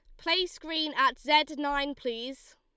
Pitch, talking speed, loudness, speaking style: 285 Hz, 150 wpm, -28 LUFS, Lombard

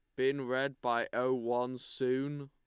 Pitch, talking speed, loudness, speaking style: 130 Hz, 160 wpm, -34 LUFS, Lombard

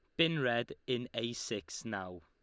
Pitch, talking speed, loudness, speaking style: 120 Hz, 175 wpm, -36 LUFS, Lombard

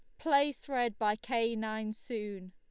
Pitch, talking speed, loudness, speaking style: 225 Hz, 155 wpm, -33 LUFS, Lombard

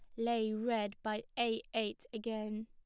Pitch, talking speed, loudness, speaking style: 225 Hz, 145 wpm, -38 LUFS, plain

